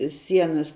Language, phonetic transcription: Lithuanian, ˈsienas

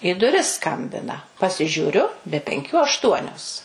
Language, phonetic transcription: Lithuanian, į duˈris ˈskambina pasižiūˈriu be penˈkių ašˈtuonios

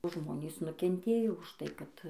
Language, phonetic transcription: Lithuanian, ˈžmonys nukenˈtėjo už tai kad

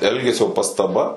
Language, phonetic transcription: Lithuanian, ˈelgesio pastaˈba

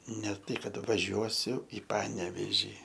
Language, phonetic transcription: Lithuanian, ne ˈtai ˈkad vaˈžiuosiu i ˈpanevėžį

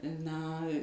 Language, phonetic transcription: Lithuanian, ˈna

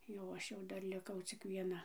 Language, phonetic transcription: Lithuanian, jau ˈaš jau ˈdar liˈkau cik vieˈna

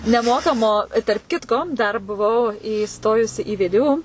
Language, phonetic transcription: Lithuanian, neˈmokamo i tarp ˈkitko dar buˈvau įˈstojusi į ˈvė ˈdė ˈū

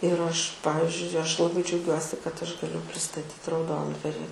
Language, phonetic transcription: Lithuanian, ir ˈaš ˈpavizdžiui ˈaš laˈbai džiauˈgiuosi kad ˈaš gaˈliu pristaˈtyt rauˈdondvari

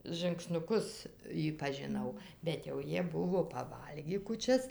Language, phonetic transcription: Lithuanian, žɨngsnuˈkus ˈjį pažiˈnau bet jau ˈjie ˈbuvo paˈvalgį kūˈčias

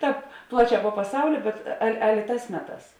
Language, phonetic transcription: Lithuanian, ˈtāp ˈplaˌčē po paˈsauli bet ˈal' ˈalė ˈtās ˈmeˌtās

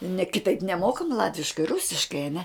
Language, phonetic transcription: Lithuanian, ne kiˈtaip neˈmokam ˈlatviškai ˈrusiškai aˈne

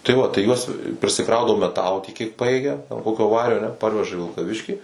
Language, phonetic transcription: Lithuanian, tai ˈva tai ˈjuos prisiˈkraudavo meˈtalo tiek kiek ˈpajėgia jau ˈkokio ˈvario aˈne ˈparveža į vilkaˈviškį

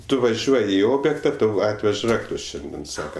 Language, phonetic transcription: Lithuanian, ˈtu vaˈžiuoj i ˈobjėkta ˈtau ˈatvež ˈraktus ˈšiandien ˈsaka

